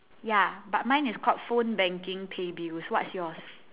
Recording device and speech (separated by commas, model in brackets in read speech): telephone, conversation in separate rooms